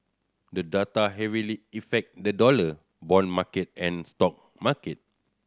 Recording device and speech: standing microphone (AKG C214), read sentence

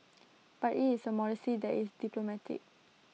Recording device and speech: mobile phone (iPhone 6), read sentence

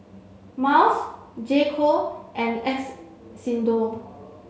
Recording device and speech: mobile phone (Samsung C7), read sentence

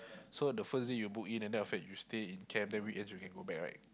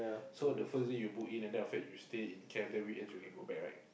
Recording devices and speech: close-talking microphone, boundary microphone, conversation in the same room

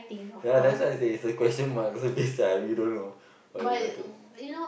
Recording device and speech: boundary microphone, conversation in the same room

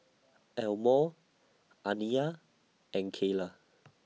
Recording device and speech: mobile phone (iPhone 6), read sentence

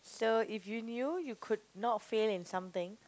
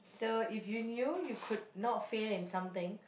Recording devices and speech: close-talking microphone, boundary microphone, conversation in the same room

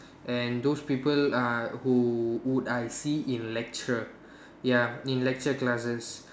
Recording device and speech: standing microphone, conversation in separate rooms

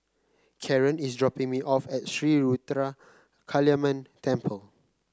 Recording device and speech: close-talking microphone (WH30), read sentence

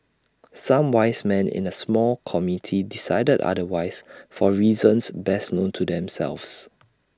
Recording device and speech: standing microphone (AKG C214), read sentence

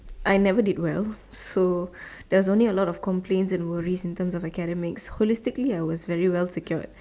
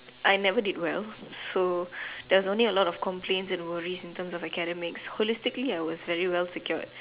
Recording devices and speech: standing microphone, telephone, conversation in separate rooms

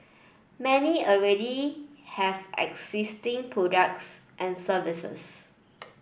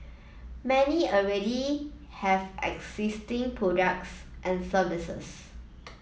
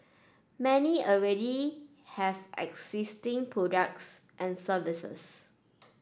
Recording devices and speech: boundary microphone (BM630), mobile phone (iPhone 7), standing microphone (AKG C214), read sentence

